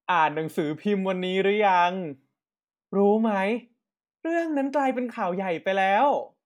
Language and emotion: Thai, happy